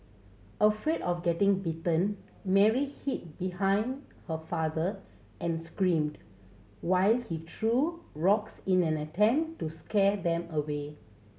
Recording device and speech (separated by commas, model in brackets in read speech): mobile phone (Samsung C7100), read sentence